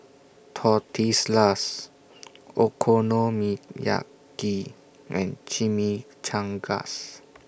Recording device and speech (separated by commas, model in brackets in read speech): boundary microphone (BM630), read sentence